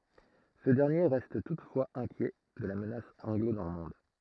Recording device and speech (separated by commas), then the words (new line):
throat microphone, read sentence
Ce dernier reste toutefois inquiet de la menace anglo-normande.